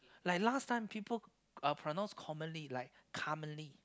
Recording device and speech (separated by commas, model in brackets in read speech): close-talking microphone, conversation in the same room